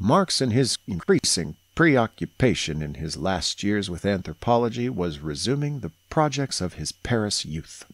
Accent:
somewhat southern US accent